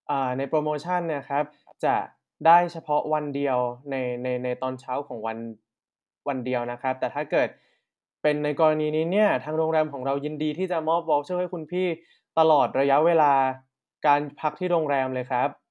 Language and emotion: Thai, neutral